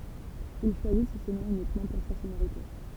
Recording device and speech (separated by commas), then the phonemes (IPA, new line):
temple vibration pickup, read sentence
il ʃwazis sə nɔ̃ ynikmɑ̃ puʁ sa sonoʁite